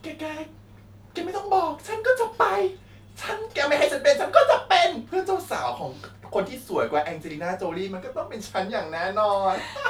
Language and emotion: Thai, happy